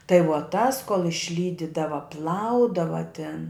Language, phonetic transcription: Lithuanian, tai vuo ˈtas kol išˈlydidava ˈplaudava tin

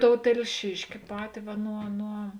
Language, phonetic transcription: Lithuanian, ˈtou telˈšiški ˈpati ˈva ˈnuo nuo

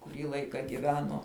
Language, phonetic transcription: Lithuanian, kuˈrį ˈlaika giˈveno

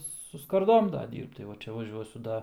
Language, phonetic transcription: Lithuanian, su skarˈdom ˈda ˈdyrbt tai ˈva ˈčia vaˈžiuosiu ˈda

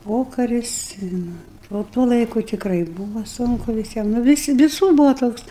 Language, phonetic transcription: Lithuanian, ˈpokaris i ˈnu o ˈtuo ˈlaiku tikˈrai ˈbūva ˈsunku viˈsiem nu viˈsi viˈsur ˈbūvo ˈtoks

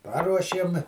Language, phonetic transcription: Lithuanian, ˈparuošėm

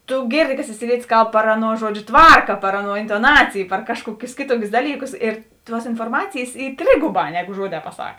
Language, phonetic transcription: Lithuanian, tu ˈgėrˌdi ka siciˈlietis ˈkalb par ˈaˌnuo ˈžuodžiu ˈtvarka par ˈaˌnuo intoˈnacij par ˈkažˌkuokius ˈkėˌtuokius ˈdalyˌkus ir ˈtuos inforˈmacėjės ˈy ˈtrėguˌbā ˈneˌgu ˈžuoˌdē paˈsak

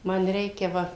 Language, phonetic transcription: Lithuanian, ˈman ˈreikia ˈva

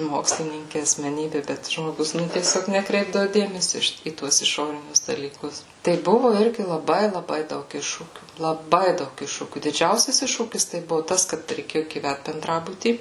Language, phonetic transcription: Lithuanian, ˈmokslininki asmeˈnybi bet žmoˈgus nu tieˈsiog neˈkreipdavu ˈdėmesio i ˈšit į ˈtuos iˈšorinius dalyˈkus tai ˈbuvu ˈirgi laˈbai laˈbai ˈdaug ˈiššūkių laˈbai ˈdaug ˈiššūkių diˈdžiausias ˈiššūkis tai ˈbuvu ˈtas kad reiˈkėjo gyˈvæt benˈdrabuty

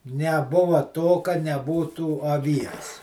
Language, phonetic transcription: Lithuanian, neˈbuva to ka neˈbūtų aˈvies

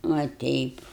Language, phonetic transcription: Lithuanian, va ˈteip

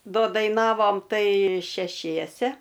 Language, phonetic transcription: Lithuanian, ˈdo daiˈnavom ˈtai šeˈšiese

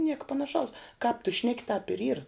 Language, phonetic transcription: Lithuanian, ˈnieka panaˈšaus kāp tu ˈšneki tāp ir yr

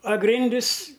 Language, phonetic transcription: Lithuanian, a ˈgrindis

